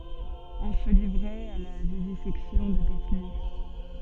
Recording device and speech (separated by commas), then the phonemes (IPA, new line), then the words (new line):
soft in-ear microphone, read sentence
ɔ̃ sə livʁɛt a la vivizɛksjɔ̃ də detny
On se livrait à la vivisection de détenus.